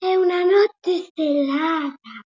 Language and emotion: Italian, surprised